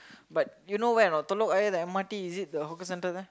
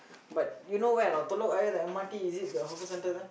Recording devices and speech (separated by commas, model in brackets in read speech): close-talking microphone, boundary microphone, conversation in the same room